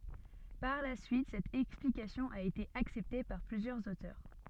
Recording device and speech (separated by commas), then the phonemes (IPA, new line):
soft in-ear microphone, read sentence
paʁ la syit sɛt ɛksplikasjɔ̃ a ete aksɛpte paʁ plyzjœʁz otœʁ